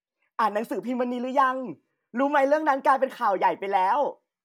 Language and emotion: Thai, happy